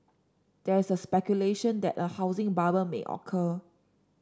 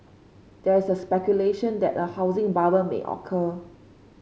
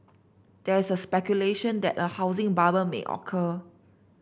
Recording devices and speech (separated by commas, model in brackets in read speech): standing microphone (AKG C214), mobile phone (Samsung C5), boundary microphone (BM630), read sentence